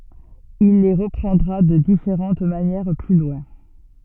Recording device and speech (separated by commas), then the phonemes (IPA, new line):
soft in-ear microphone, read sentence
il le ʁəpʁɑ̃dʁa də difeʁɑ̃t manjɛʁ ply lwɛ̃